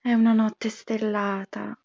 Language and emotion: Italian, sad